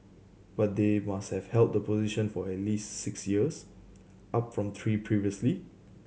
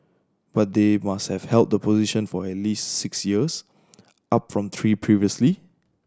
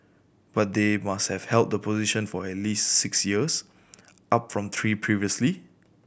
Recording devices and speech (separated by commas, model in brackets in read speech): mobile phone (Samsung C7100), standing microphone (AKG C214), boundary microphone (BM630), read sentence